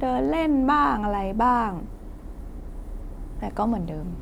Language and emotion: Thai, frustrated